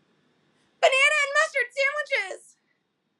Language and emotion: English, neutral